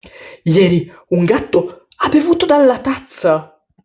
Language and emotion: Italian, surprised